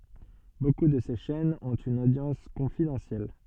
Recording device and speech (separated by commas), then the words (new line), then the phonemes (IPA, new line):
soft in-ear microphone, read sentence
Beaucoup de ces chaînes ont une audience confidentielle.
boku də se ʃɛnz ɔ̃t yn odjɑ̃s kɔ̃fidɑ̃sjɛl